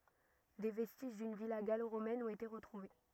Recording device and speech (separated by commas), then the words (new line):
rigid in-ear microphone, read sentence
Des vestiges d'une villa gallo-romaine ont été retrouvés.